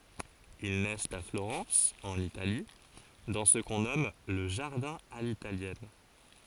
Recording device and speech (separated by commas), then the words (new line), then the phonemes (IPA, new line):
forehead accelerometer, read sentence
Ils naissent à Florence, en Italie, dans ce qu'on nomme le jardin à l'italienne.
il nɛst a floʁɑ̃s ɑ̃n itali dɑ̃ sə kɔ̃ nɔm lə ʒaʁdɛ̃ a litaljɛn